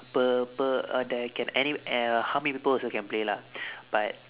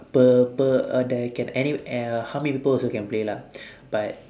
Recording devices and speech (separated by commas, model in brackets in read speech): telephone, standing microphone, conversation in separate rooms